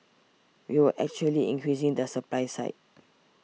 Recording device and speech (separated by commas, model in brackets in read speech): mobile phone (iPhone 6), read sentence